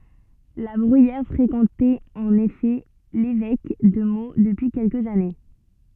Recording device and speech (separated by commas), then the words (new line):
soft in-ear microphone, read sentence
La Bruyère fréquentait en effet l’évêque de Meaux depuis quelques années.